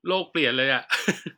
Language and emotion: Thai, happy